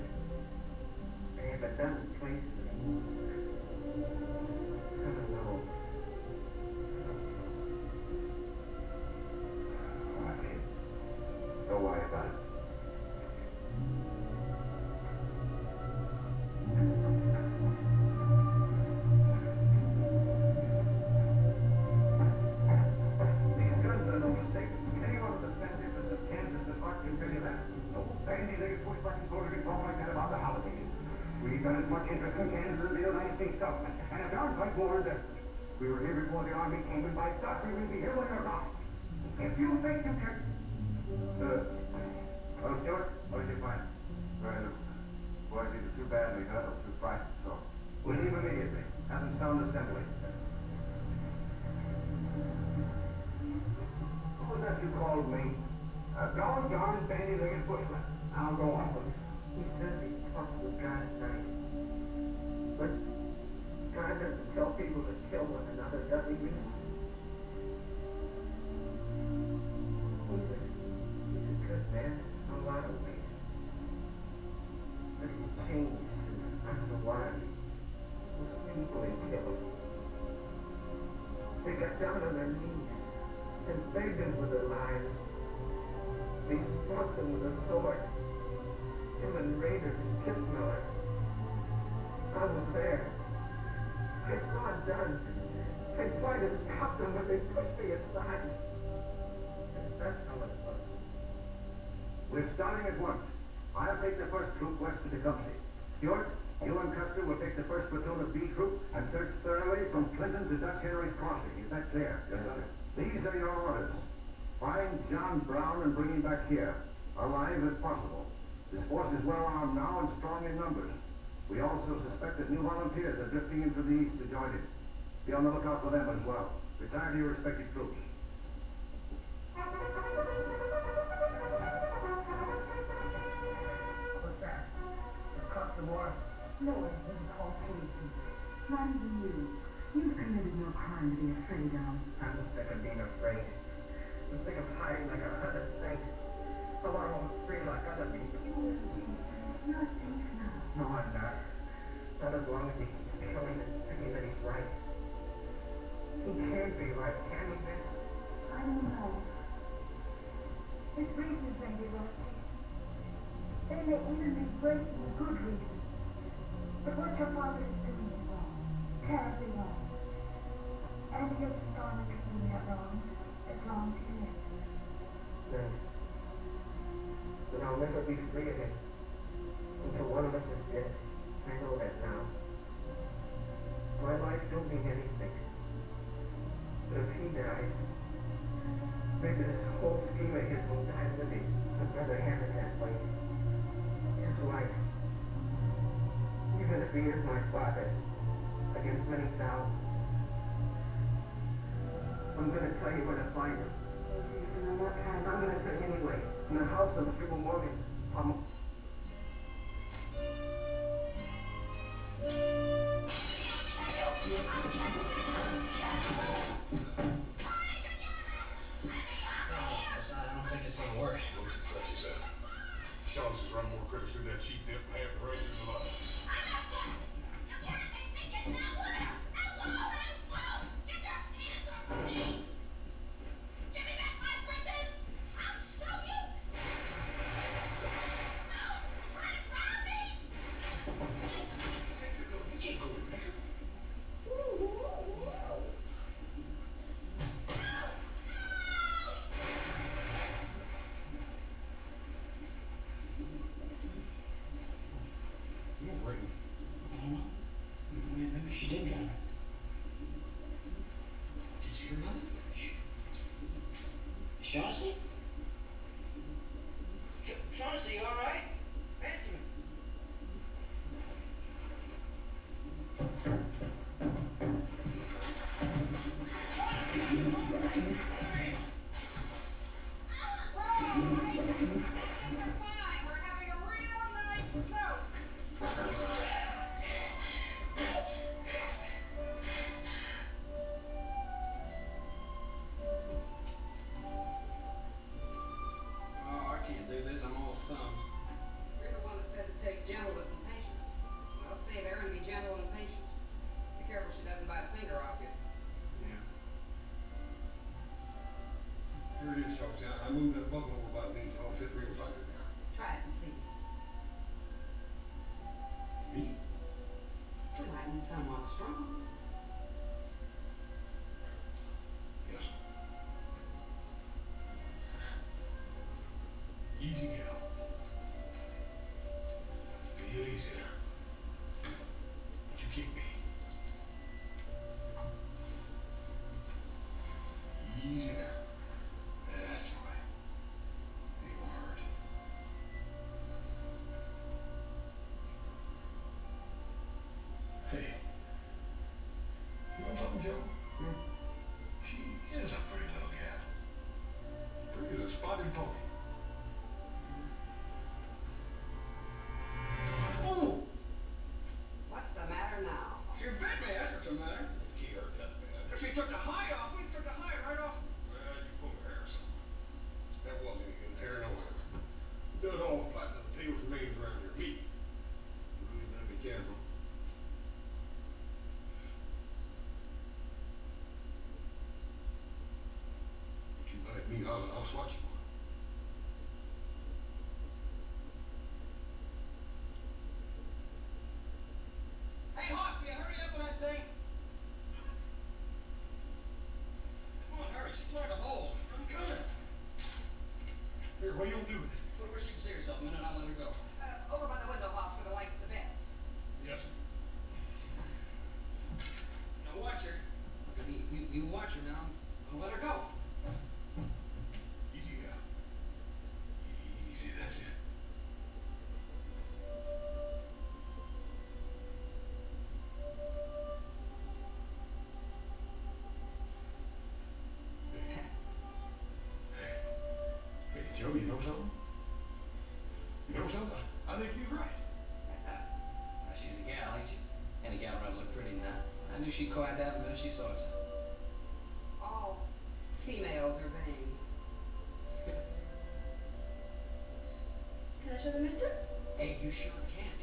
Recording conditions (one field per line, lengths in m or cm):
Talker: no one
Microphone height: 36 cm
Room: large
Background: television